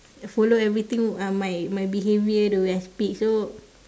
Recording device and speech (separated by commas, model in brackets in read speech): standing microphone, conversation in separate rooms